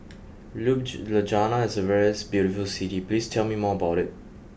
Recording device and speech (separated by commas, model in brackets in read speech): boundary microphone (BM630), read sentence